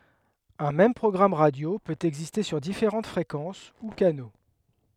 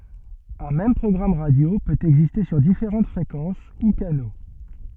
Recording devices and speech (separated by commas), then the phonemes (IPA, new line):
headset microphone, soft in-ear microphone, read sentence
œ̃ mɛm pʁɔɡʁam ʁadjo pøt ɛɡziste syʁ difeʁɑ̃t fʁekɑ̃s u kano